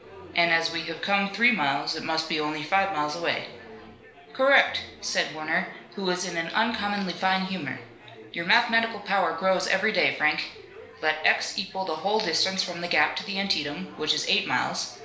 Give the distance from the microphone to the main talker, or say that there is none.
1.0 m.